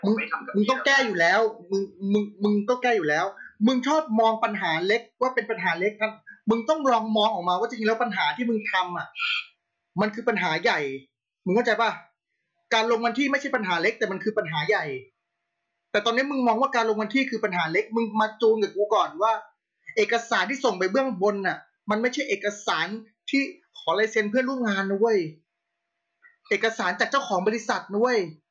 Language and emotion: Thai, angry